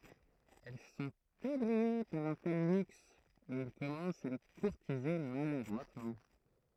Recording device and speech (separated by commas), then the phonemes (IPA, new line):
throat microphone, read sentence
ɛl sɔ̃t eblwi paʁ œ̃ tɛl lyks e il kɔmɑ̃st a le kuʁtize maladʁwatmɑ̃